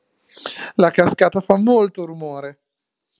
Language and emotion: Italian, happy